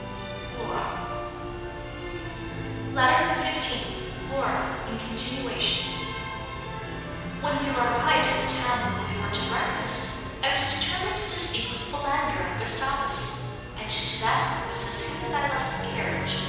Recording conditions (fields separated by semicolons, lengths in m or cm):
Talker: one person; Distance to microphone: 7.1 m; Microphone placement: far; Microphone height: 1.7 m; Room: very reverberant, large; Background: music